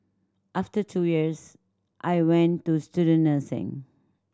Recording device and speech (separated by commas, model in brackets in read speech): standing microphone (AKG C214), read sentence